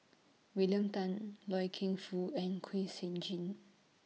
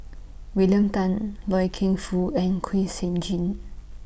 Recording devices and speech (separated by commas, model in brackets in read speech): mobile phone (iPhone 6), boundary microphone (BM630), read sentence